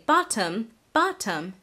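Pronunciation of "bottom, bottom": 'Bottom' is said here without the flap T, which is not the American English way of saying it.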